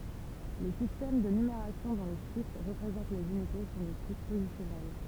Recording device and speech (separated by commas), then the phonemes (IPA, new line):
temple vibration pickup, read sentence
le sistɛm də nymeʁasjɔ̃ dɔ̃ le ʃifʁ ʁəpʁezɑ̃t lez ynite sɔ̃ də tip pozisjɔnɛl